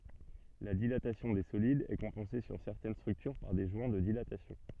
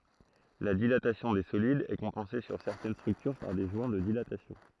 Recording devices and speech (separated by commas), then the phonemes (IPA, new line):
soft in-ear microphone, throat microphone, read sentence
la dilatasjɔ̃ de solidz ɛ kɔ̃pɑ̃se syʁ sɛʁtɛn stʁyktyʁ paʁ de ʒwɛ̃ də dilatasjɔ̃